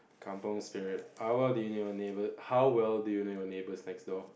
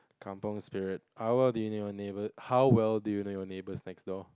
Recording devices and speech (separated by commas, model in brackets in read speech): boundary microphone, close-talking microphone, conversation in the same room